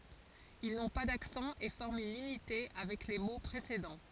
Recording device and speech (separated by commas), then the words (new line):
forehead accelerometer, read sentence
Ils n'ont pas d'accent et forment une unité avec les mots précédents.